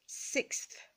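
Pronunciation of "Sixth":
'Sixth' is said as one sound, with no break between the 'six' and the th at the end.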